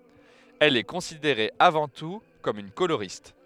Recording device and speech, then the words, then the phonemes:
headset microphone, read sentence
Elle est considérée avant tout comme une coloriste.
ɛl ɛ kɔ̃sideʁe avɑ̃ tu kɔm yn koloʁist

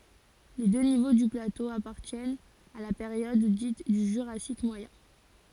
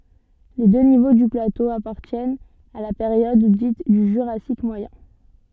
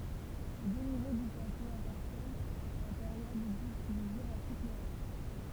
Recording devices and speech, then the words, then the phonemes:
forehead accelerometer, soft in-ear microphone, temple vibration pickup, read sentence
Les deux niveaux du plateau appartiennent à la période dite du Jurassique moyen.
le dø nivo dy plato apaʁtjɛnt a la peʁjɔd dit dy ʒyʁasik mwajɛ̃

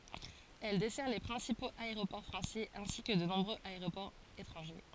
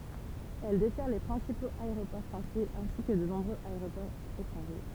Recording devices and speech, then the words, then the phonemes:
forehead accelerometer, temple vibration pickup, read sentence
Elle dessert les principaux aéroports français ainsi que de nombreux aéroports étrangers.
ɛl dɛsɛʁ le pʁɛ̃sipoz aeʁopɔʁ fʁɑ̃sɛz ɛ̃si kə də nɔ̃bʁøz aeʁopɔʁz etʁɑ̃ʒe

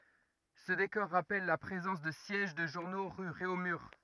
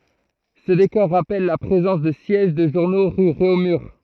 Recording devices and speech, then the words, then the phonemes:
rigid in-ear microphone, throat microphone, read sentence
Ce décor rappelle la présence de sièges de journaux rue Réaumur.
sə dekɔʁ ʁapɛl la pʁezɑ̃s də sjɛʒ də ʒuʁno ʁy ʁeomyʁ

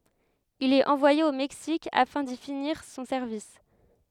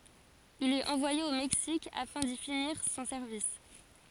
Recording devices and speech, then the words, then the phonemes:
headset microphone, forehead accelerometer, read sentence
Il est envoyé au Mexique afin d’y finir son service.
il ɛt ɑ̃vwaje o mɛksik afɛ̃ di finiʁ sɔ̃ sɛʁvis

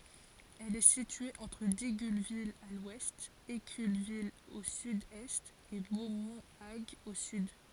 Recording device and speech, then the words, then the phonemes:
forehead accelerometer, read sentence
Elle est située entre Digulleville à l'ouest, Éculleville au sud-est, et Beaumont-Hague au sud.
ɛl ɛ sitye ɑ̃tʁ diɡylvil a lwɛst ekylvil o sydɛst e bomɔ̃ aɡ o syd

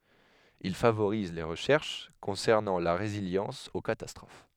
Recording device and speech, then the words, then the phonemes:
headset microphone, read sentence
Il favoriser les recherches concernant la résilience aux catastrophes.
il favoʁize le ʁəʃɛʁʃ kɔ̃sɛʁnɑ̃ la ʁeziljɑ̃s o katastʁof

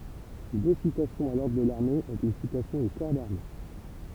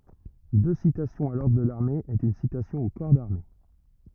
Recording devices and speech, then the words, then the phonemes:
temple vibration pickup, rigid in-ear microphone, read sentence
Deux citations à l'ordre de l'armée est une citation au corps d'armée.
dø sitasjɔ̃z a lɔʁdʁ də laʁme ɛt yn sitasjɔ̃ o kɔʁ daʁme

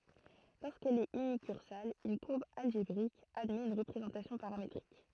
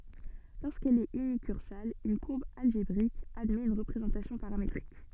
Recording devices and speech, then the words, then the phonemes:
throat microphone, soft in-ear microphone, read sentence
Lorsqu'elle est unicursale, une courbe algébrique admet une représentation paramétrique.
loʁskɛl ɛt ynikyʁsal yn kuʁb alʒebʁik admɛt yn ʁəpʁezɑ̃tasjɔ̃ paʁametʁik

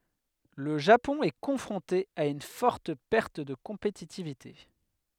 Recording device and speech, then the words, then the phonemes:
headset microphone, read sentence
Le Japon est confronté à une forte perte de compétitivité.
lə ʒapɔ̃ ɛ kɔ̃fʁɔ̃te a yn fɔʁt pɛʁt də kɔ̃petitivite

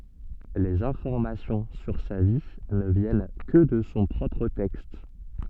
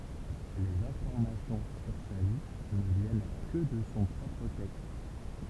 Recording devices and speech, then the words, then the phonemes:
soft in-ear microphone, temple vibration pickup, read sentence
Les informations sur sa vie ne viennent que de son propre texte.
lez ɛ̃fɔʁmasjɔ̃ syʁ sa vi nə vjɛn kə də sɔ̃ pʁɔpʁ tɛkst

